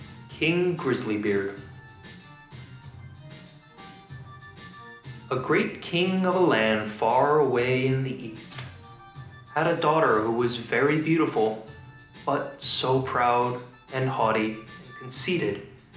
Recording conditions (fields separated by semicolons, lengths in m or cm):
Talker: one person; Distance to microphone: 2.0 m; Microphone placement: close; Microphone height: 99 cm; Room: medium-sized (5.7 m by 4.0 m); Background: music